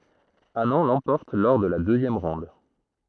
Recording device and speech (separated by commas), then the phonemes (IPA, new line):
throat microphone, read sentence
anɑ̃ lɑ̃pɔʁt lɔʁ də la døzjɛm ʁɔ̃d